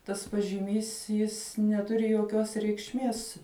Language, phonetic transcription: Lithuanian, tas pažiˈmys ˈjis neˈturi joˈkios reikšˈmies

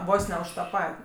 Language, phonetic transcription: Lithuanian, ˈvos ne už ta ˈpat'

